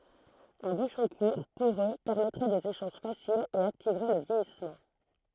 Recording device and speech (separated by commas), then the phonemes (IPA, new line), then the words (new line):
throat microphone, read sentence
œ̃ buʃɔ̃ kuʁ poʁø pɛʁmɛtʁɛ dez eʃɑ̃ʒ fasilz e aktivʁɛ lə vjɛjismɑ̃
Un bouchon court, poreux, permettrait des échanges faciles et activerait le vieillissement.